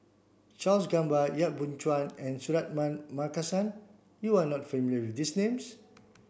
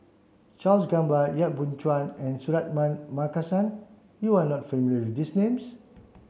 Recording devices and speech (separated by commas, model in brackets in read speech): boundary microphone (BM630), mobile phone (Samsung C7), read sentence